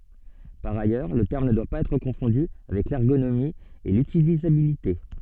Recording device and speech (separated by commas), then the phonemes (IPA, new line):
soft in-ear microphone, read sentence
paʁ ajœʁ lə tɛʁm nə dwa paz ɛtʁ kɔ̃fɔ̃dy avɛk lɛʁɡonomi e lytilizabilite